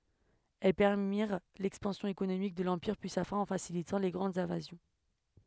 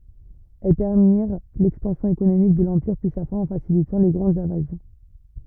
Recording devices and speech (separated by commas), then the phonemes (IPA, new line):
headset microphone, rigid in-ear microphone, read sentence
ɛl pɛʁmiʁ lɛkspɑ̃sjɔ̃ ekonomik də lɑ̃piʁ pyi sa fɛ̃ ɑ̃ fasilitɑ̃ le ɡʁɑ̃dz ɛ̃vazjɔ̃